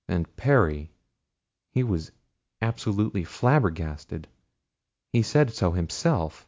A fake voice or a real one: real